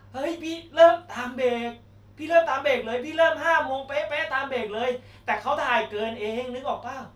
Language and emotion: Thai, frustrated